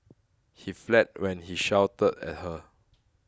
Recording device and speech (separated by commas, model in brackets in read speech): close-talking microphone (WH20), read sentence